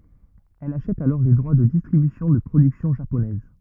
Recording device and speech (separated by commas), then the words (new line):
rigid in-ear microphone, read sentence
Elle achète alors les droits de distribution de productions japonaises.